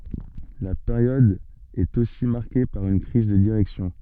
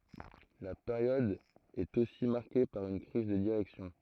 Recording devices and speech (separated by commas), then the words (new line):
soft in-ear microphone, throat microphone, read sentence
La période est aussi marquée par une crise de direction.